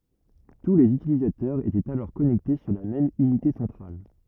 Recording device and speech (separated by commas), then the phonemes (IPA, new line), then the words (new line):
rigid in-ear microphone, read sentence
tu lez ytilizatœʁz etɛt alɔʁ kɔnɛkte syʁ la mɛm ynite sɑ̃tʁal
Tous les utilisateurs étaient alors connectés sur la même unité centrale.